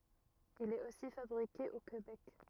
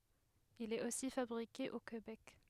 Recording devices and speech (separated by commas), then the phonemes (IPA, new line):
rigid in-ear microphone, headset microphone, read sentence
il ɛt osi fabʁike o kebɛk